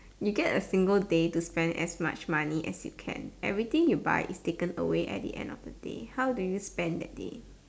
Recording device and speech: standing microphone, conversation in separate rooms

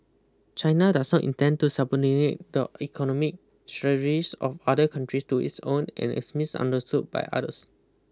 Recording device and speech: close-talking microphone (WH20), read sentence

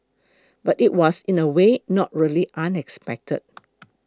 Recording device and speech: close-talking microphone (WH20), read sentence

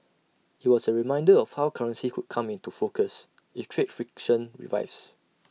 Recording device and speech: mobile phone (iPhone 6), read sentence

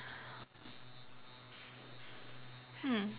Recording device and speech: telephone, conversation in separate rooms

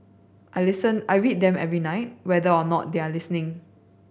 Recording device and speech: boundary microphone (BM630), read sentence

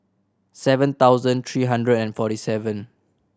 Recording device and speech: standing microphone (AKG C214), read sentence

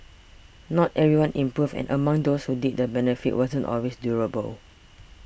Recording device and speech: boundary microphone (BM630), read sentence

